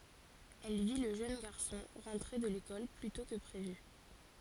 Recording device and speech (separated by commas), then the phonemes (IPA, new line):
forehead accelerometer, read sentence
ɛl vi lə ʒøn ɡaʁsɔ̃ ʁɑ̃tʁe də lekɔl ply tɔ̃ kə pʁevy